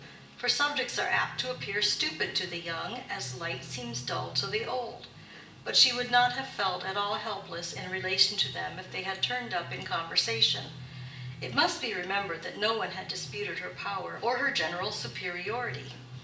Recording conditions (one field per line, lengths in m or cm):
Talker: one person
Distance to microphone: 1.8 m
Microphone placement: close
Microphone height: 1.0 m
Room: large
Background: music